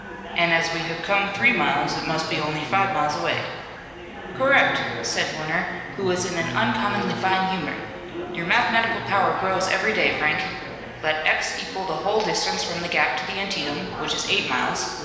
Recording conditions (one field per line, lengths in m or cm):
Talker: one person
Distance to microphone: 1.7 m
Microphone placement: close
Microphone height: 1.0 m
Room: very reverberant, large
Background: babble